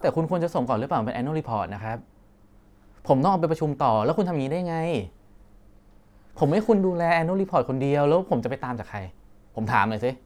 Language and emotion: Thai, frustrated